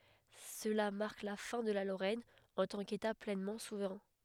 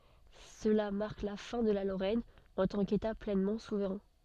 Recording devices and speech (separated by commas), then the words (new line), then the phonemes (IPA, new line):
headset microphone, soft in-ear microphone, read sentence
Cela marque la fin de la Lorraine en tant qu'État pleinement souverain.
səla maʁk la fɛ̃ də la loʁɛn ɑ̃ tɑ̃ keta plɛnmɑ̃ suvʁɛ̃